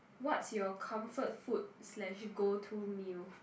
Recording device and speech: boundary microphone, conversation in the same room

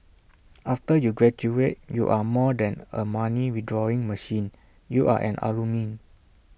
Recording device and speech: boundary microphone (BM630), read sentence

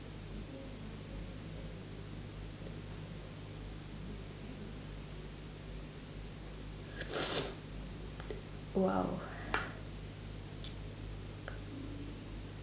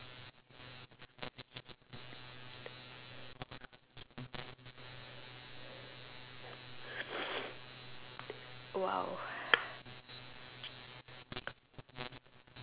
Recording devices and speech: standing microphone, telephone, conversation in separate rooms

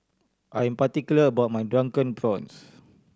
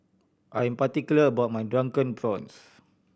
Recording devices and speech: standing microphone (AKG C214), boundary microphone (BM630), read sentence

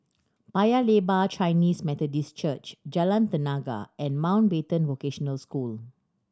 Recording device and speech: standing microphone (AKG C214), read sentence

